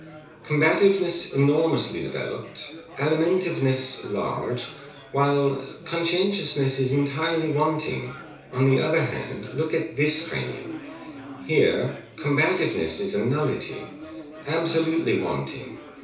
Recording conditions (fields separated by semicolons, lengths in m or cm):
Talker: one person; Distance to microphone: 3.0 m; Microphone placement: far; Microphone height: 1.8 m; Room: small (3.7 m by 2.7 m); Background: babble